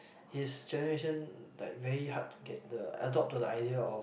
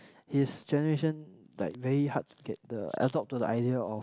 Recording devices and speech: boundary microphone, close-talking microphone, conversation in the same room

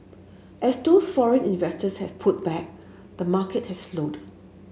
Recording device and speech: mobile phone (Samsung S8), read sentence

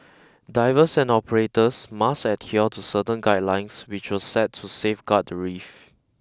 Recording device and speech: close-talking microphone (WH20), read sentence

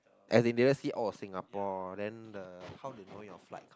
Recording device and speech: close-talking microphone, conversation in the same room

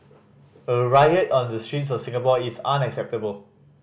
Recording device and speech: boundary microphone (BM630), read sentence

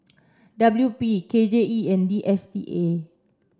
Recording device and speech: standing microphone (AKG C214), read sentence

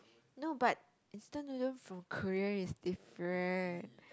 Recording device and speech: close-talking microphone, conversation in the same room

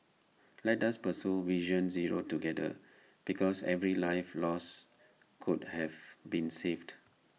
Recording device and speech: mobile phone (iPhone 6), read sentence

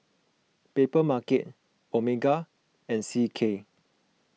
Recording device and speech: mobile phone (iPhone 6), read sentence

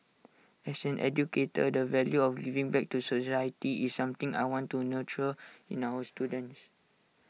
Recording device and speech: mobile phone (iPhone 6), read sentence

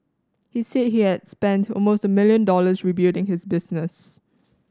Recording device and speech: standing microphone (AKG C214), read sentence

